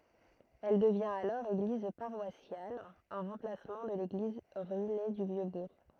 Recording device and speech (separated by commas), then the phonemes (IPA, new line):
throat microphone, read sentence
ɛl dəvjɛ̃t alɔʁ eɡliz paʁwasjal ɑ̃ ʁɑ̃plasmɑ̃ də leɡliz ʁyine dy vjø buʁ